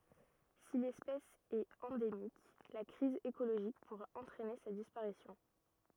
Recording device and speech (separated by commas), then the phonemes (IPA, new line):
rigid in-ear microphone, read sentence
si lɛspɛs ɛt ɑ̃demik la kʁiz ekoloʒik puʁa ɑ̃tʁɛne sa dispaʁisjɔ̃